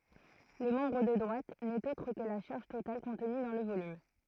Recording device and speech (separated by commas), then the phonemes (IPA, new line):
throat microphone, read sentence
lə mɑ̃bʁ də dʁwat nɛt otʁ kə la ʃaʁʒ total kɔ̃tny dɑ̃ lə volym